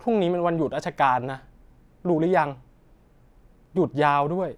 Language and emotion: Thai, neutral